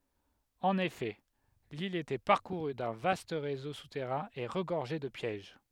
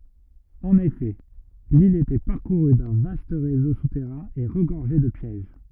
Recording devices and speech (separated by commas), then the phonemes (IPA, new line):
headset microphone, rigid in-ear microphone, read sentence
ɑ̃n efɛ lil etɛ paʁkuʁy dœ̃ vast ʁezo sutɛʁɛ̃ e ʁəɡɔʁʒɛ də pjɛʒ